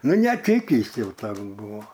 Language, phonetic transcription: Lithuanian, ˈnu neˈtykįs ˈjau ˈtoks ˈbuvo

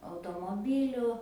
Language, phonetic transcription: Lithuanian, automoˈbyliu

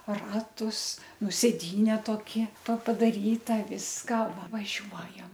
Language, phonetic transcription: Lithuanian, ˈratus ˈnu sėˈdyne toˈki to pa padaˈryta ˈviska va vaˈžiuojam

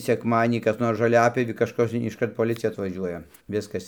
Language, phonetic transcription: Lithuanian, sekˈmadienį kas ˈnors žoˈliapjovį kažˈkas išˈkart poˈlicija atvaˈžiuoja ˈviskas

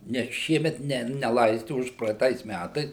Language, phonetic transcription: Lithuanian, ˈnes ˈšiemet ˈne neˈlaisti ˌužpraeiˈtais ˈmætais

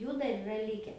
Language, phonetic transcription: Lithuanian, ˈjų dar iˈra ˈlike

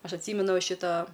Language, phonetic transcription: Lithuanian, ˈaš atˈsymenu va ˈšita

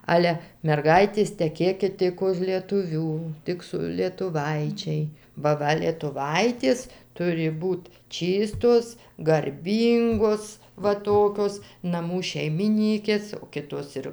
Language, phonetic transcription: Lithuanian, ˈale merˈgaitės teˈkėkit ˈtik už lietuˈvių ˈtik su lietuˈvaičiai ba ˈva lietuˈvaitės ˈturi ˈbūt ˈčystos garˈbyngos va ˈtokios naˈmų šeimiˈnykės o ˈkitos ir

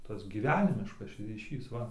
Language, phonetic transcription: Lithuanian, ˈtas gyˈvenimiškas ryˈšys ˈva

